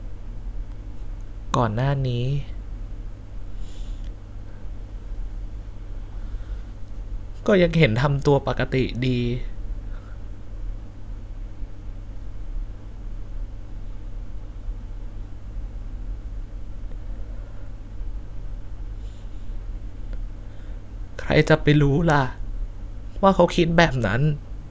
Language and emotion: Thai, sad